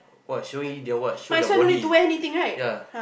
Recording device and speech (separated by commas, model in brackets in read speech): boundary microphone, conversation in the same room